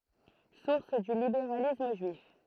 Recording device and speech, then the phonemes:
throat microphone, read sentence
suʁs dy libeʁalism ʒyif

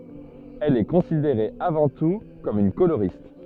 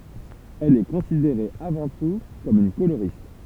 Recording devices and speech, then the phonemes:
soft in-ear microphone, temple vibration pickup, read sentence
ɛl ɛ kɔ̃sideʁe avɑ̃ tu kɔm yn koloʁist

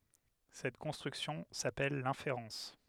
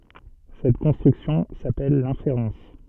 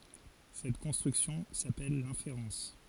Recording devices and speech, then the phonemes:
headset microphone, soft in-ear microphone, forehead accelerometer, read sentence
sɛt kɔ̃stʁyksjɔ̃ sapɛl lɛ̃feʁɑ̃s

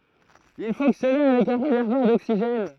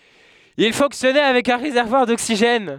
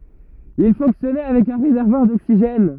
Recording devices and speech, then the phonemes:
throat microphone, headset microphone, rigid in-ear microphone, read sentence
il fɔ̃ksjɔnɛ avɛk œ̃ ʁezɛʁvwaʁ doksiʒɛn

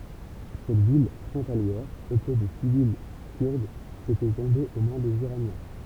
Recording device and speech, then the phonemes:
temple vibration pickup, read sentence
sɛt vil fʁɔ̃taljɛʁ pøple də sivil kyʁdz etɛ tɔ̃be o mɛ̃ dez iʁanjɛ̃

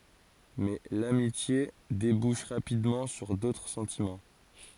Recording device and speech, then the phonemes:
forehead accelerometer, read sentence
mɛ lamitje debuʃ ʁapidmɑ̃ syʁ dotʁ sɑ̃timɑ̃

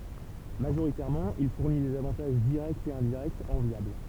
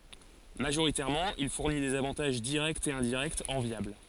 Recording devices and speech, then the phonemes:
temple vibration pickup, forehead accelerometer, read sentence
maʒoʁitɛʁmɑ̃ il fuʁni dez avɑ̃taʒ diʁɛktz e ɛ̃diʁɛktz ɑ̃vjabl

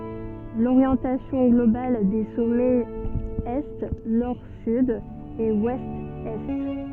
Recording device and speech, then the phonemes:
soft in-ear microphone, read sentence
loʁjɑ̃tasjɔ̃ ɡlobal de sɔmɛz ɛ nɔʁ syd e wɛst ɛ

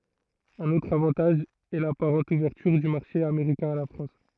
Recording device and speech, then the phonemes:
throat microphone, read sentence
œ̃n otʁ avɑ̃taʒ ɛ lapaʁɑ̃t uvɛʁtyʁ dy maʁʃe ameʁikɛ̃ a la fʁɑ̃s

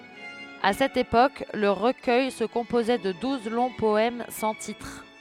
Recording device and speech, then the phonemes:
headset microphone, read sentence
a sɛt epok lə ʁəkœj sə kɔ̃pozɛ də duz lɔ̃ pɔɛm sɑ̃ titʁ

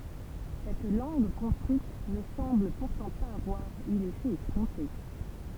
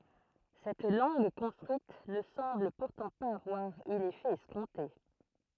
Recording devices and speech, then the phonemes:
temple vibration pickup, throat microphone, read sentence
sɛt lɑ̃ɡ kɔ̃stʁyit nə sɑ̃bl puʁtɑ̃ paz avwaʁ y lefɛ ɛskɔ̃te

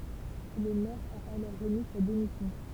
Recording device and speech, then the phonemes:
temple vibration pickup, read sentence
lə mɛʁ a alɔʁ ʁəmi sa demisjɔ̃

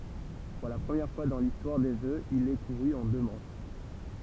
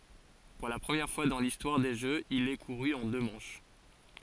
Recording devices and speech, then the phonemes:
temple vibration pickup, forehead accelerometer, read sentence
puʁ la pʁəmjɛʁ fwa dɑ̃ listwaʁ de ʒøz il ɛ kuʁy ɑ̃ dø mɑ̃ʃ

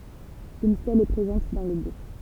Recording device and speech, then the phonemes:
temple vibration pickup, read sentence
yn stɛl ɛ pʁezɑ̃t dɑ̃ lə buʁ

